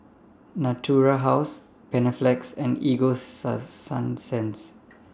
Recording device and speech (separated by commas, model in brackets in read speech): standing microphone (AKG C214), read sentence